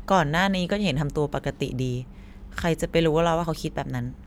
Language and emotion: Thai, frustrated